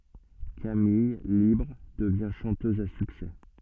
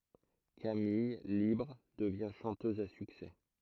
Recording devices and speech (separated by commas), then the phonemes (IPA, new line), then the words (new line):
soft in-ear microphone, throat microphone, read sentence
kamij libʁ dəvjɛ̃ ʃɑ̃tøz a syksɛ
Camille, libre, devient chanteuse à succès.